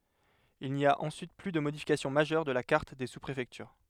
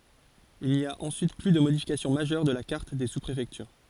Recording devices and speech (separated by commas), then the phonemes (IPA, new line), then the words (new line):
headset microphone, forehead accelerometer, read sentence
il ni a ɑ̃syit ply də modifikasjɔ̃ maʒœʁ də la kaʁt de suspʁefɛktyʁ
Il n'y a ensuite plus de modification majeure de la carte des sous-préfectures.